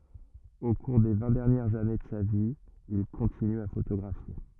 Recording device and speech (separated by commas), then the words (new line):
rigid in-ear microphone, read sentence
Au cours des vingt dernières années de sa vie, il continue à photographier.